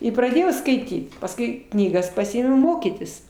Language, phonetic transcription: Lithuanian, i praˈdėjau skaiˈtyt pasˈkui knyˈgas paˈsiimu ˈmokytis

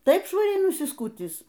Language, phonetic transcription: Lithuanian, ˈtaip švaˈriai nusiˈskutįs

